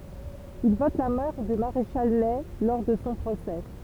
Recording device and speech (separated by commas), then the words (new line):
temple vibration pickup, read sentence
Il vote la mort du maréchal Ney lors de son procès.